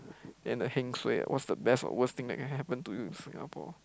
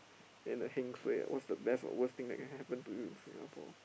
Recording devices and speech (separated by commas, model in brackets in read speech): close-talking microphone, boundary microphone, conversation in the same room